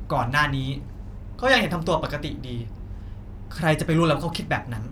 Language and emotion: Thai, frustrated